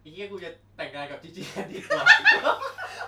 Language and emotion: Thai, happy